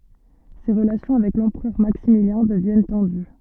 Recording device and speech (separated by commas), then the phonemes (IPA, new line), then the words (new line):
soft in-ear microphone, read sentence
se ʁəlasjɔ̃ avɛk lɑ̃pʁœʁ maksimiljɛ̃ dəvjɛn tɑ̃dy
Ses relations avec l'empereur Maximilien deviennent tendues.